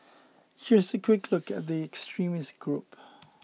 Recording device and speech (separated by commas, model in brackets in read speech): mobile phone (iPhone 6), read sentence